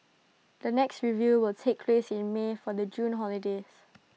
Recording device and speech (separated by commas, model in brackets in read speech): mobile phone (iPhone 6), read sentence